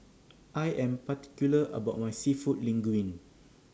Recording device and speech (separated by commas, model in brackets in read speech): standing microphone (AKG C214), read sentence